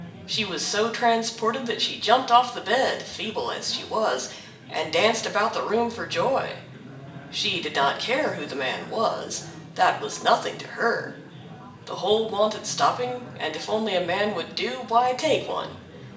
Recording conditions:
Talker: one person; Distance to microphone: 1.8 m; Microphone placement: close; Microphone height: 1.0 m; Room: large; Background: babble

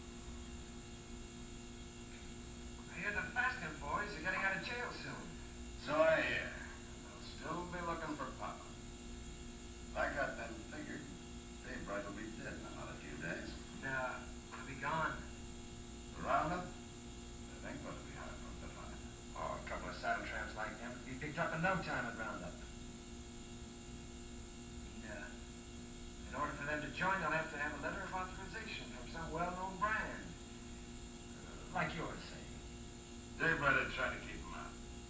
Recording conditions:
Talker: no one; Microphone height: 1.8 m; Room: large; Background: television

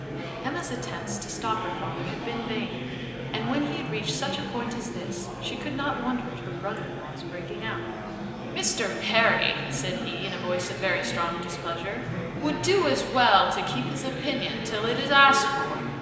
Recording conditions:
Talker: one person; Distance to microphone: 1.7 m; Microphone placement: close; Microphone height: 1.0 m; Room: very reverberant, large; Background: babble

